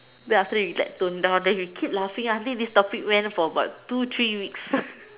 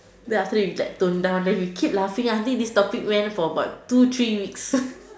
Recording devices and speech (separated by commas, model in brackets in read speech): telephone, standing microphone, conversation in separate rooms